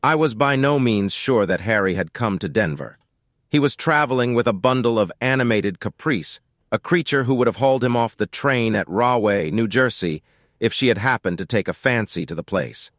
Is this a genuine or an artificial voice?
artificial